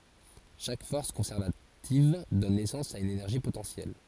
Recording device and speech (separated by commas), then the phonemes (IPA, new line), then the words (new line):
forehead accelerometer, read sentence
ʃak fɔʁs kɔ̃sɛʁvativ dɔn nɛsɑ̃s a yn enɛʁʒi potɑ̃sjɛl
Chaque force conservative donne naissance à une énergie potentielle.